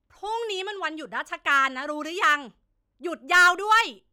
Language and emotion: Thai, angry